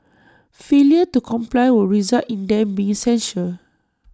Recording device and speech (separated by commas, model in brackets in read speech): standing microphone (AKG C214), read sentence